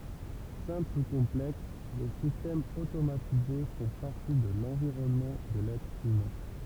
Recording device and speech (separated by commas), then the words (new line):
temple vibration pickup, read sentence
Simples ou complexes, les systèmes automatisés font partie de l'environnement de l'être humain.